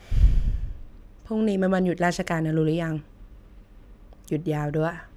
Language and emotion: Thai, frustrated